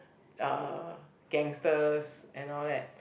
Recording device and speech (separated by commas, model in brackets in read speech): boundary microphone, conversation in the same room